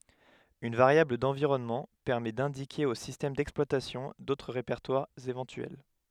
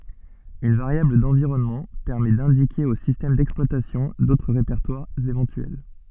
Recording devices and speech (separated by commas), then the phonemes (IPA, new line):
headset microphone, soft in-ear microphone, read sentence
yn vaʁjabl dɑ̃viʁɔnmɑ̃ pɛʁmɛ dɛ̃dike o sistɛm dɛksplwatasjɔ̃ dotʁ ʁepɛʁtwaʁz evɑ̃tyɛl